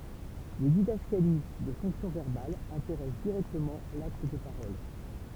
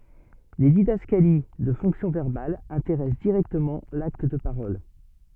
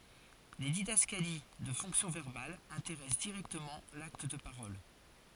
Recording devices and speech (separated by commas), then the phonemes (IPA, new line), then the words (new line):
temple vibration pickup, soft in-ear microphone, forehead accelerometer, read sentence
le didaskali də fɔ̃ksjɔ̃ vɛʁbal ɛ̃teʁɛs diʁɛktəmɑ̃ lakt də paʁɔl
Les didascalies de fonction verbale intéressent directement l'acte de parole.